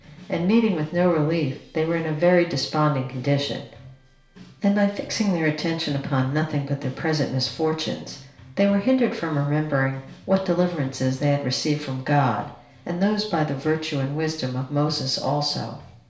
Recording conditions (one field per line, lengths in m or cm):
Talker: one person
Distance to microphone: 1.0 m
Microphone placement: close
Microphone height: 1.1 m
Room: small (3.7 m by 2.7 m)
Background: music